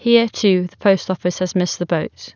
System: none